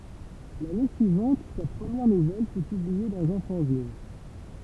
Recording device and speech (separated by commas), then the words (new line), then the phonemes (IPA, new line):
temple vibration pickup, read sentence
L'année suivante sa première nouvelle fut publiée dans un fanzine.
lane syivɑ̃t sa pʁəmjɛʁ nuvɛl fy pyblie dɑ̃z œ̃ fɑ̃zin